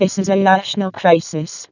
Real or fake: fake